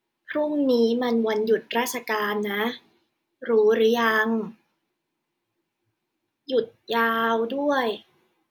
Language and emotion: Thai, neutral